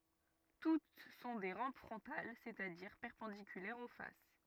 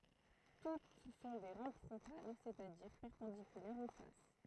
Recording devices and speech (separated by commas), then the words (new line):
rigid in-ear microphone, throat microphone, read sentence
Toutes sont des rampes frontales, c'est-à-dire perpendiculaires aux faces.